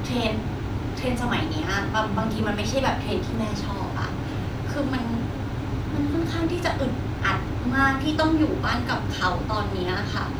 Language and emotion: Thai, frustrated